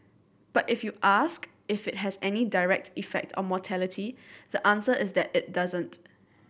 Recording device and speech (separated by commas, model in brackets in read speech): boundary microphone (BM630), read sentence